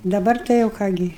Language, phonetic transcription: Lithuanian, daˈbar tai jau ˈką gi

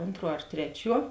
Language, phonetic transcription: Lithuanian, ˈontˌruo ar ˈtreˌčiuo

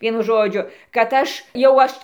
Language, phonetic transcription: Lithuanian, ˈvienu ˈžodžiu kad ˈaš jau ˈaš

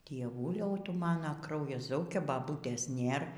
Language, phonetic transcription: Lithuanian, dieˈvuliau ˈtu ˈmana ˈkraujas ˈzaukia baˈbūtės ˈnėr

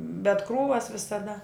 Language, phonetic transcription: Lithuanian, bet ˈkrūvas visaˈda

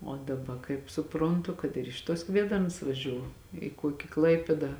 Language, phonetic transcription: Lithuanian, o daˈba kaip suˈprontu kad ir ˈiš tuos ˈkviedarns vaˈžiū i ˈkuoki ˈklaipėdą

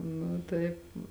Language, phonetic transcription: Lithuanian, ˈnu ˈtaip

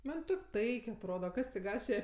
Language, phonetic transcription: Lithuanian, ˈman' ˈtok' ˈtaik' atˈroda ˈkas ti ˈgal' su ˈja

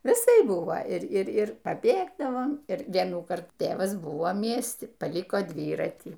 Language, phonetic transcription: Lithuanian, viˈsaip ˈbuvo ir ˈir ˈir paˈbėgdavom ir ˈvienų ˈkartų ˈtėvas ˈbuvo ˈmiesti paˈliko ˈdvyratį

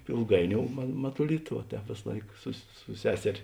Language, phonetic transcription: Lithuanian, ilˈgaiˌniou ma matuˈlita va ˈtēp ˈvės ˈlaik sus su ˈseserė

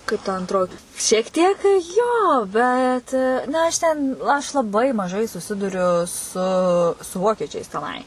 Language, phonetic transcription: Lithuanian, kaip ta anˈtroji šiek ˈtiek ˈjo ˈbet na ˈaš ten aš laˈbai maˈžai suˈsiduriu su su ˈvokiečiais teˈnai

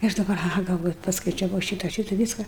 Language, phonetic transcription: Lithuanian, i ˈaš daˈbar aˈha galˈvoju paskaičiaˈvau ˈšyta ˈšyta ˈvyska

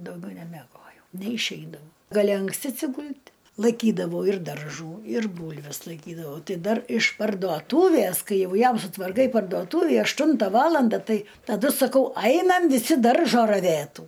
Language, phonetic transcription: Lithuanian, dauˈgiau nemeˈgojau neišˈeidau gaˈli anksˈti atsiˈgul't' laiˈkydavau ir darˈžų ir ˈbūlves laiˈkydavau ˈtai ˈdar iš parduoˈtūvæs ˈkai ˈjau ˈjam sutvarˈkai parduoˈtūvį ašˈtunta ˈvalanda ˈtai taˈdu saˈkau ˈainam viˈsi ˈdaržo raˈvėtų

